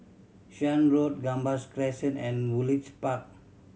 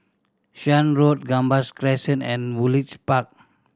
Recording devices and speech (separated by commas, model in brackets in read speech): mobile phone (Samsung C7100), standing microphone (AKG C214), read sentence